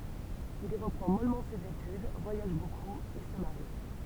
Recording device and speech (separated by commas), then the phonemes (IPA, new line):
temple vibration pickup, read sentence
il i ʁəpʁɑ̃ mɔlmɑ̃ sez etyd vwajaʒ bokup e sə maʁi